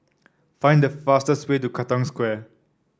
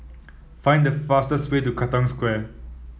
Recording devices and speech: standing microphone (AKG C214), mobile phone (iPhone 7), read sentence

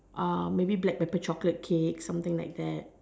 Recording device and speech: standing microphone, conversation in separate rooms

